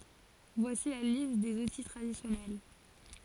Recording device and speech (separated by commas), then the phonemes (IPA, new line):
forehead accelerometer, read sentence
vwasi la list dez uti tʁadisjɔnɛl